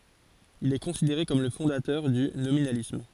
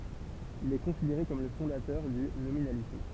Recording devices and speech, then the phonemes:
forehead accelerometer, temple vibration pickup, read sentence
il ɛ kɔ̃sideʁe kɔm lə fɔ̃datœʁ dy nominalism

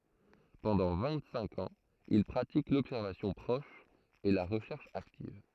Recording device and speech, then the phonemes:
throat microphone, read sentence
pɑ̃dɑ̃ vɛ̃ɡtsɛ̃k ɑ̃z il pʁatik lɔbsɛʁvasjɔ̃ pʁɔʃ e la ʁəʃɛʁʃ aktiv

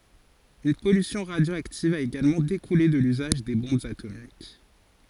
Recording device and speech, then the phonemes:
forehead accelerometer, read sentence
yn pɔlysjɔ̃ ʁadjoaktiv a eɡalmɑ̃ dekule də lyzaʒ de bɔ̃bz atomik

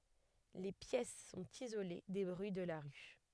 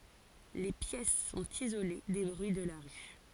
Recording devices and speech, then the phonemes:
headset microphone, forehead accelerometer, read sentence
le pjɛs sɔ̃t izole de bʁyi də la ʁy

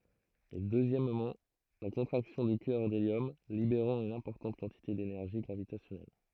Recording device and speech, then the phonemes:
throat microphone, read sentence
e døzjɛmmɑ̃ la kɔ̃tʁaksjɔ̃ dy kœʁ deljɔm libeʁɑ̃ yn ɛ̃pɔʁtɑ̃t kɑ̃tite denɛʁʒi ɡʁavitasjɔnɛl

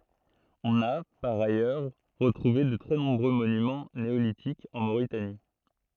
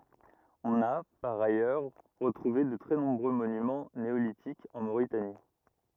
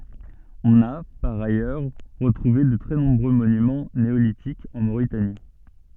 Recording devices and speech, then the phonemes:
throat microphone, rigid in-ear microphone, soft in-ear microphone, read sentence
ɔ̃n a paʁ ajœʁ ʁətʁuve də tʁɛ nɔ̃bʁø monymɑ̃ neolitikz ɑ̃ moʁitani

